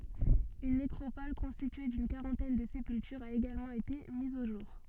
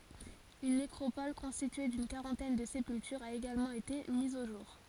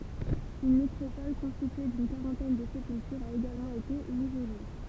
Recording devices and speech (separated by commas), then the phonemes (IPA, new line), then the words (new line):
soft in-ear microphone, forehead accelerometer, temple vibration pickup, read sentence
yn nekʁopɔl kɔ̃stitye dyn kaʁɑ̃tɛn də sepyltyʁz a eɡalmɑ̃ ete miz o ʒuʁ
Une nécropole constituée d'une quarantaine de sépultures a également été mise au jour.